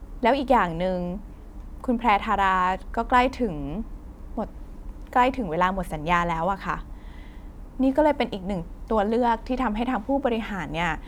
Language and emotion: Thai, neutral